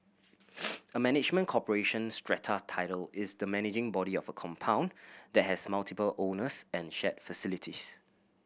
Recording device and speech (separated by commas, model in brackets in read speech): boundary microphone (BM630), read sentence